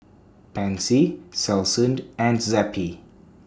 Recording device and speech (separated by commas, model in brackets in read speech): standing microphone (AKG C214), read sentence